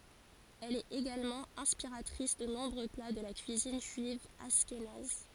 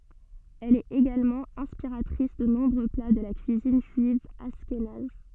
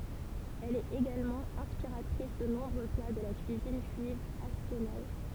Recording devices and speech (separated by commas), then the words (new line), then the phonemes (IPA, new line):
forehead accelerometer, soft in-ear microphone, temple vibration pickup, read sentence
Elle est également inspiratrice de nombreux plats de la cuisine juive ashkénaze.
ɛl ɛt eɡalmɑ̃ ɛ̃spiʁatʁis də nɔ̃bʁø pla də la kyizin ʒyiv aʃkenaz